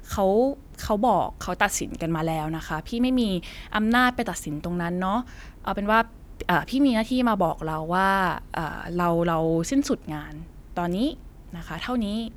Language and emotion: Thai, frustrated